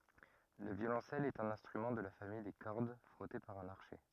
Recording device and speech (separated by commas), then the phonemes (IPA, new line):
rigid in-ear microphone, read sentence
lə vjolɔ̃sɛl ɛt œ̃n ɛ̃stʁymɑ̃ də la famij de kɔʁd fʁɔte paʁ œ̃n aʁʃɛ